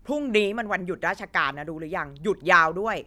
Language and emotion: Thai, angry